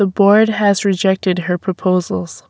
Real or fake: real